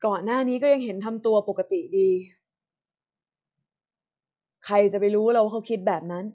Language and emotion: Thai, sad